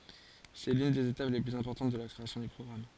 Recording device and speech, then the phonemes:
forehead accelerometer, read sentence
sɛ lyn dez etap le plyz ɛ̃pɔʁtɑ̃t də la kʁeasjɔ̃ dœ̃ pʁɔɡʁam

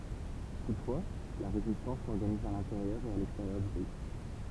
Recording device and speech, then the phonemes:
temple vibration pickup, read sentence
tutfwa la ʁezistɑ̃s sɔʁɡaniz a lɛ̃teʁjœʁ e a lɛksteʁjœʁ dy pɛi

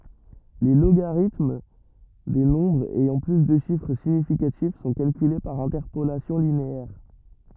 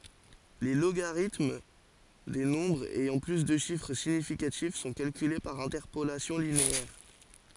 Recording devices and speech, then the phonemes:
rigid in-ear microphone, forehead accelerometer, read sentence
le loɡaʁitm de nɔ̃bʁz ɛjɑ̃ ply də ʃifʁ siɲifikatif sɔ̃ kalkyle paʁ ɛ̃tɛʁpolasjɔ̃ lineɛʁ

